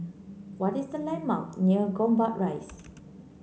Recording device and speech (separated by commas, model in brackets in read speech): mobile phone (Samsung C9), read sentence